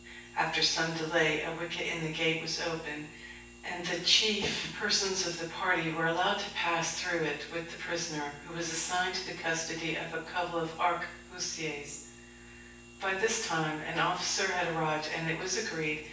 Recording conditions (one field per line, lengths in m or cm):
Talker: one person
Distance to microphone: 9.8 m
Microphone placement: far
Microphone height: 1.8 m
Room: large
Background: none